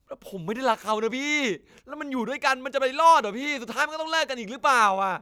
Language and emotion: Thai, frustrated